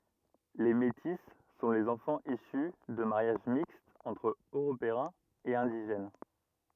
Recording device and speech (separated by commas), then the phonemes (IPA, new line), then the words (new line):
rigid in-ear microphone, read sentence
le meti sɔ̃ lez ɑ̃fɑ̃z isy də maʁjaʒ mikstz ɑ̃tʁ øʁopeɛ̃z e ɛ̃diʒɛn
Les métis sont les enfants issus de mariages mixtes entre Européens et indigènes.